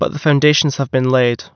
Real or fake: real